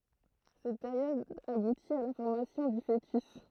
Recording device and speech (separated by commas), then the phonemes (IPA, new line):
throat microphone, read sentence
sɛt peʁjɔd abuti a la fɔʁmasjɔ̃ dy foətys